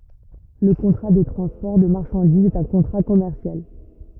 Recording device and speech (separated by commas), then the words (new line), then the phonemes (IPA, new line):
rigid in-ear microphone, read sentence
Le contrat de transport de marchandises est un contrat commercial.
lə kɔ̃tʁa də tʁɑ̃spɔʁ də maʁʃɑ̃dizz ɛt œ̃ kɔ̃tʁa kɔmɛʁsjal